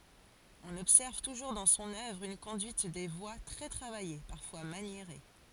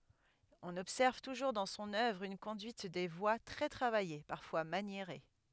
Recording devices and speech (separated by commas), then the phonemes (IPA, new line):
forehead accelerometer, headset microphone, read sentence
ɔ̃n ɔbsɛʁv tuʒuʁ dɑ̃ sɔ̃n œvʁ yn kɔ̃dyit de vwa tʁɛ tʁavaje paʁfwa manjeʁe